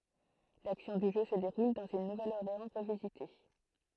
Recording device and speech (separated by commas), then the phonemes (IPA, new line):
throat microphone, read sentence
laksjɔ̃ dy ʒø sə deʁul dɑ̃z yn nuvɛləɔʁleɑ̃ ʁəvizite